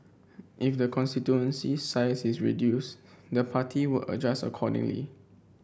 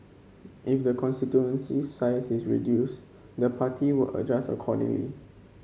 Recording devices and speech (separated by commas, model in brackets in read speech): boundary microphone (BM630), mobile phone (Samsung C5), read sentence